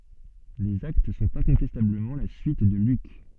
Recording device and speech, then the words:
soft in-ear microphone, read sentence
Les Actes sont incontestablement la suite de Luc.

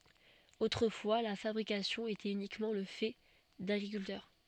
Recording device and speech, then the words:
soft in-ear microphone, read sentence
Autrefois, la fabrication était uniquement le fait d'agriculteurs.

